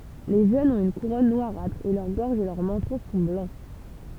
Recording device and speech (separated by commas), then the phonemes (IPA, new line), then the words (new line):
temple vibration pickup, read sentence
le ʒønz ɔ̃t yn kuʁɔn nwaʁatʁ e lœʁ ɡɔʁʒ e lœʁ mɑ̃tɔ̃ sɔ̃ blɑ̃
Les jeunes ont une couronne noirâtre et leur gorge et leur menton sont blancs.